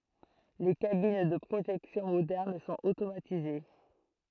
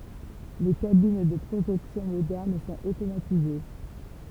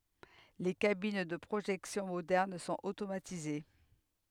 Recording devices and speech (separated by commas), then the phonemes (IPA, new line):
throat microphone, temple vibration pickup, headset microphone, read sentence
le kabin də pʁoʒɛksjɔ̃ modɛʁn sɔ̃t otomatize